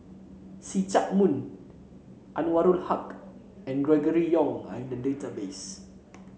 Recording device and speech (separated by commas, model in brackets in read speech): mobile phone (Samsung C7), read sentence